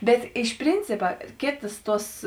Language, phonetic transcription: Lithuanian, ˈbet ˈiš ˈprincipa ˈkėtas ˈtuos

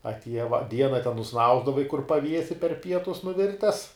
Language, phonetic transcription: Lithuanian, atˈieja va ˈdiena ten nuˈsnausdavai kur paˈviesi per ˈpietus nuˈvirtes

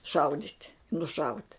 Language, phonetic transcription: Lithuanian, ˈšaudyt' nuˈšaut'

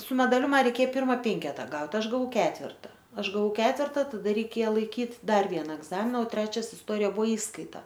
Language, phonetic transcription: Lithuanian, su medaˈliu ˈma reiˈkė ˈpirma ˈpenketa ˈgaut' ˈaš gaˈvau ˈketverta ˈaš gaˈvau ˈketverta taˈda reiˈkėja laiˈkyt' ˈdar ˈviena egˈzamina o ˈtrečias isˈtorija ˈbuvo ˈįskaita

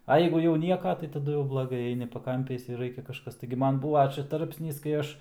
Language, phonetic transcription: Lithuanian, a ˈjeigu jau ˈnieka tai taˈdu jau blaˈgai ˈaini paˈkampiais ir ˈraikia kažˈkas taigi ˈman ˈbūva ˈčia ˈtarpsnys kai ˈaš

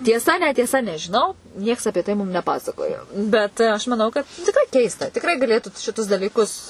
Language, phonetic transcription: Lithuanian, tieˈsa netieˈsa nežiˈnau ˈnieks apie ˈtai ˈmum neˈpasakojo ˈbet ˈaš maˈnau ˈkad tikˈrai ˈkeista tikˈrai gaˈlėtu šiˈtus dalyˈkus

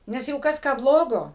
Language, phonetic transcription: Lithuanian, ˈnes ˈjeigu ˈkas ˈką ˈblogo

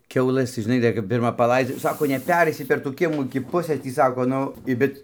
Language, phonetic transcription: Lithuanian, ˈkiaulɘs tai ˈžinai ˈdar kap ˈpirma paˈlaidzia jau ˈsako neˈpereisi per tų ˈkiemų iki ˈpusɘs ˈtį ˈsako ˈnu i ˈbet

